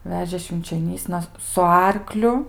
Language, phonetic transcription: Lithuanian, ˈvežė švinčioˈnysna su ˈarkliu

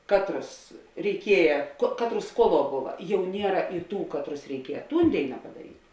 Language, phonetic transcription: Lithuanian, ˈkatˌrus reiˈkieja ko ˈkatˌrus ˈskuoˌluo ˈbuva ˈjau ˈniera i ˈtų ˈkatˌrus reiˈkieja ˈtūn ˈdėina padaˈryt'

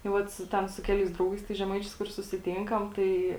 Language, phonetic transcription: Lithuanian, tai ˈvat su ˈten su ˈkeliais ˈdraugais tais žeˈmaičiais kur susiˈtinkam ˈtai

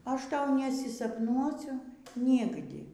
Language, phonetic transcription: Lithuanian, ˈaš ˈtau nesisapˈnuosiu ˈnigdi

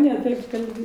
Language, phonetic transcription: Lithuanian, ne ˈtaip kalˈbi

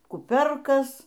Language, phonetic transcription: Lithuanian, kuˈpiorkas

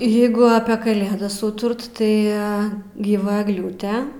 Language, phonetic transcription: Lithuanian, ˈjėgu apė kaˈlėdas ˈūturt tai gyˈva egˈliūte

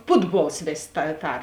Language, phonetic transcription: Lithuanian, ˈputˌbuols ˈvės' ta ˈtar

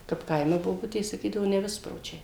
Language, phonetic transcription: Lithuanian, kap ˈkaime boˈbutės saˈkydavo neˈvispročiai

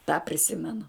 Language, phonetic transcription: Lithuanian, tą priˈsimenu

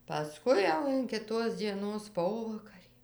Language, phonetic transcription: Lithuanian, paˈskui jau in kiˈtos dzieˈnos ˈpovakarį

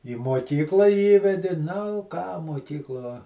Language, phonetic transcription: Lithuanian, į moˈkyklą ˈįvedi nu ką moˈkykluo

